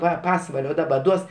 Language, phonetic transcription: Lithuanian, ˈva ˈpasvalio ˈdaba ˈduos

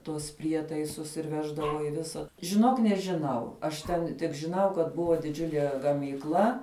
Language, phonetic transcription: Lithuanian, ˈtuos ˈprietaisus ir ˈveždavo i ˈvisa žiˈnok nežˈinau aš tˈen tik žiˈnau ˈkad ˈbuvo diˈdžiulie gamykˈla

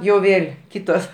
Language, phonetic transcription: Lithuanian, jau ˈvėl' ˈkytos

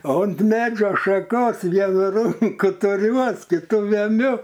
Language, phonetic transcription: Lithuanian, o unt ˈmedžio šaˈkos ˈvienu ˈrunku tuˈriuos kiˈtu veˈmiu

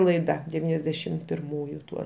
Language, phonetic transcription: Lithuanian, laiˈda deˈvyniasdešim pirˈmųju ˈtuo

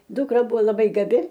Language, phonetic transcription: Lithuanian, ˈdukra ˈbuvo laˈbai gaˈbi

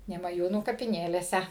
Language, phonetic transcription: Lithuanian, nemaˈjūnų kapiˈnėlėse

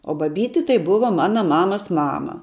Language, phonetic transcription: Lithuanian, o baˈbyti tai ˈbuva ˈmana ˈmamas ˈmama

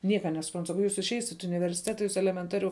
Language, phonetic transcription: Lithuanian, ˈnieka nesuˈprant saˈkau ˈjūs išˈeisit i universiˈteta ˈjūs elemenˈtariu

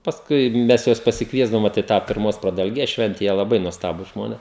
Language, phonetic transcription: Lithuanian, pasˈkui ˈmes ˈjuos pasikˈviesdavom ˈvot i ˈtą pirˈmos pradalˈgės ˈšvente ˈjie laˈbai nuosˈtabūs ˈžmonės

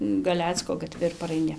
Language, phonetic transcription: Lithuanian, gaˈlecko gaˈtvi ir paraiˈni

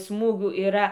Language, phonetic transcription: Lithuanian, ˈsmūgių yˈra

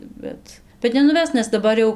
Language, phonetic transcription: Lithuanian, ˈbet bet nenuˈves nes daˈbar jau

